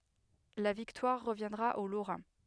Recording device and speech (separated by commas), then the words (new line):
headset microphone, read sentence
La victoire reviendra aux Lorrains.